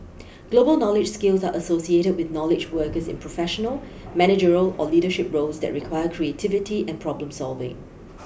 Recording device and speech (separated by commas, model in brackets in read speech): boundary microphone (BM630), read sentence